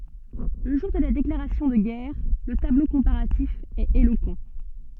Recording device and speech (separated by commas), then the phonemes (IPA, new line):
soft in-ear microphone, read sentence
lə ʒuʁ də la deklaʁasjɔ̃ də ɡɛʁ lə tablo kɔ̃paʁatif ɛt elokɑ̃